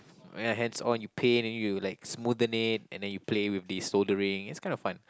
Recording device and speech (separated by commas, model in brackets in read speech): close-talking microphone, conversation in the same room